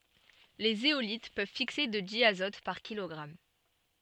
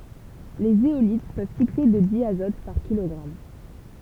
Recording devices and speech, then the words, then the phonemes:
soft in-ear microphone, temple vibration pickup, read sentence
Les zéolites peuvent fixer de diazote par kilogramme.
le zeolit pøv fikse də djazɔt paʁ kilɔɡʁam

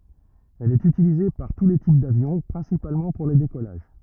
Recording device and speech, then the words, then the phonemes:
rigid in-ear microphone, read sentence
Elle est utilisée par tous les types d'avions, principalement pour les décollages.
ɛl ɛt ytilize paʁ tu le tip davjɔ̃ pʁɛ̃sipalmɑ̃ puʁ le dekɔlaʒ

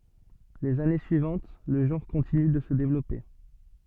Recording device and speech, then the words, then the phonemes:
soft in-ear microphone, read sentence
Les années suivantes, le genre continue de se développer.
lez ane syivɑ̃t lə ʒɑ̃ʁ kɔ̃tiny də sə devlɔpe

